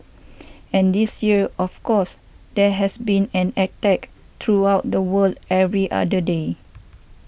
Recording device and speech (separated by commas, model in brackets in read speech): boundary microphone (BM630), read sentence